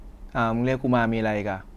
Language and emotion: Thai, frustrated